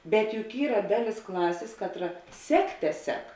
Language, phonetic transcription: Lithuanian, bet juk ˈyra ˈdaˌlis ˈklasės ˈkatˌra ˈsekˌte ˈsek

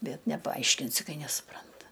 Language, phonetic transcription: Lithuanian, ˈbet nepaˈaiškinsi ˈkai nesuˈpranta

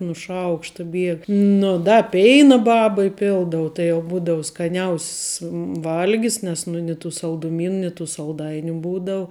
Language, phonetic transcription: Lithuanian, nu ˈšaukšta ˈbieg ˈnu da ˈpeina ˈbaba iˈpildavu tai jau ˈbūdavu skaˈniaus's ˈvalgis nes ˈnu ni tų salduˈmyn ni tų salˈdainiu ˈbūdau

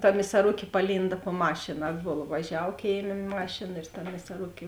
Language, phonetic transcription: Lithuanian, ta misaˈrukė paˈlynda po ˈmašina ˈatbola vaˈžiav ˈkėiˌmė ˈmašėna ir ta misaˈrukė

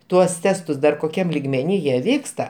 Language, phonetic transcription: Lithuanian, ˈtuos ˈtestus ˈdar koˈkiam ligmeˈny jie ˈvyksta

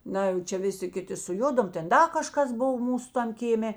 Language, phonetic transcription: Lithuanian, ˈna jau ˈčia ˈviˌsi ˈkiˌti suˈjudom ˈten ˈda kaˈžkas ˈbov ˈmūsu ˈtam kėˈmė

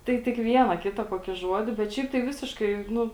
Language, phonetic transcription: Lithuanian, ˈtai tik ˈviena ˈkita koˈkį ˈžuodi bet ˈšiaip tai ˈvisiškai ˈnu

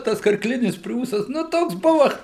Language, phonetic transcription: Lithuanian, ˈtas karkˈlinis ˈpriūsas nu ˈtoks ˈbuva

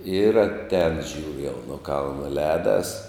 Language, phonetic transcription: Lithuanian, ir atˈēn ˈžiūriu jau nu ˈkalna ˈlēdas

